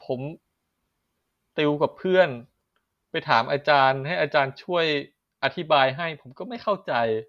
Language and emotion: Thai, frustrated